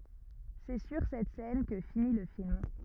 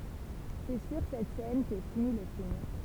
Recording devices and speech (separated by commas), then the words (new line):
rigid in-ear microphone, temple vibration pickup, read sentence
C'est sur cette scène que finit le film.